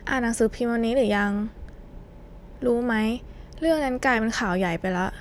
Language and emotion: Thai, frustrated